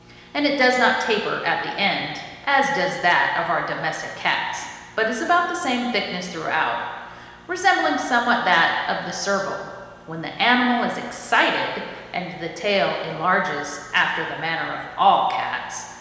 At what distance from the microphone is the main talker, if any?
1.7 m.